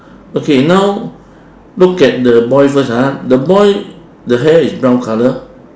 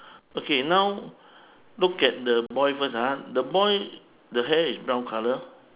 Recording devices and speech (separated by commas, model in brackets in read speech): standing microphone, telephone, conversation in separate rooms